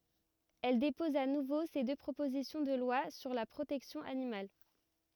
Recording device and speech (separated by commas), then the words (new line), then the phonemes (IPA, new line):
rigid in-ear microphone, read sentence
Elle dépose à nouveau ces deux propositions de loi sur la protection animale.
ɛl depɔz a nuvo se dø pʁopozisjɔ̃ də lwa syʁ la pʁotɛksjɔ̃ animal